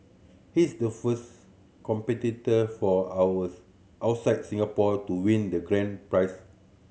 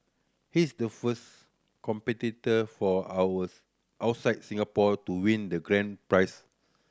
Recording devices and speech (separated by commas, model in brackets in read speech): mobile phone (Samsung C7100), standing microphone (AKG C214), read sentence